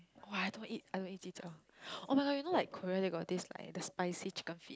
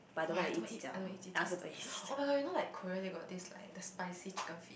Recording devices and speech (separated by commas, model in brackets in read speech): close-talking microphone, boundary microphone, conversation in the same room